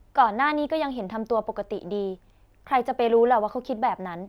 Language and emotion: Thai, neutral